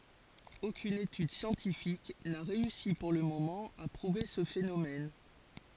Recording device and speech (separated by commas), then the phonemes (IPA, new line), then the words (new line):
forehead accelerometer, read sentence
okyn etyd sjɑ̃tifik na ʁeysi puʁ lə momɑ̃ a pʁuve sə fenomɛn
Aucune étude scientifique n’a réussi pour le moment à prouver ce phénomène.